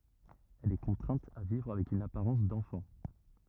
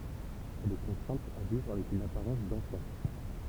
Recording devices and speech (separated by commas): rigid in-ear microphone, temple vibration pickup, read sentence